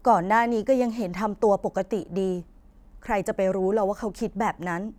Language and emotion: Thai, frustrated